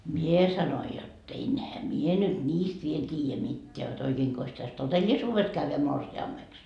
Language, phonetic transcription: Finnish, "mie sanoi jot't‿ » enhä "mie nyt "ńiist viel t́iijä mitteä jot oikeeŋkos täs "totellisuuves kävvä 'morsi₍ammeks » .
- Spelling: minä sanoin jotta enhän minä nyt niistä vielä tiedä mitään jotta oikeinkos tässä todellisuudessa käydä morsiameksi

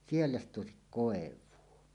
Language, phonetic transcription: Finnish, siellä ‿s't òesik 'kòev̆vuo .
- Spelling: siellä sitä olisi koivua

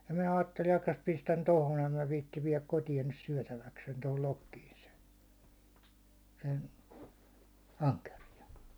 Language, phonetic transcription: Finnish, ja minä 'aatteli 'akkas pistän "tohon em mä viittiv viɛläk 'kotijan nys 'syäₒtäväksen tohol 'lokkiin sen̬ , sen , 'aŋkerijan̬ .
- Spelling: ja minä ajattelin jahkas pistän tuohon en minä viitsi viedä kotiin nyt syötäväkseni tuohon lokkiin sen sen ankeriaan

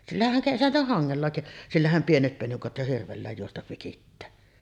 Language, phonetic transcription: Finnish, 'sillähäŋ kesä- jo 'haŋŋella "sillähäm pienet penikat jo hirvellä̀ej juostav vikittää .
- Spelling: sillähän - jo hangella sillähän pienet penikat jo hirvellä juosta vikittää

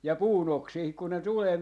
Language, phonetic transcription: Finnish, ja "puu'n ‿oksiihik ku ne "tulee ,.
- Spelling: ja puun oksiinkin kun ne tulee

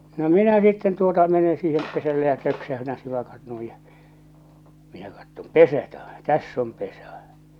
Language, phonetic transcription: Finnish, no 'minä sitten tuota mene siihem 'pesälle ja 'töksähytän̬ 'sivakat 'nuij ja , minä kattom "pesä tä- , "täss ‿om 'pesa͕ !
- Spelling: no minä sitten tuota menen siihen pesälle ja töksäytän sivakat noin ja minä katson pesä - tässä on pesä

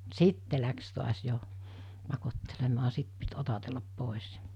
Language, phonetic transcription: Finnish, sitte läks tuas jo , 'pakottelemaa 'sit pit otatellap 'pòis .
- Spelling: sitten lähti taas jo pakottelemaan sitten piti otatella pois

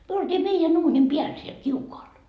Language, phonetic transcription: Finnish, myö oltii meijän 'uunim 'piäl siel 'kiukoal .
- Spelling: me oltiin meidän uunin päällä siellä kiukaalla

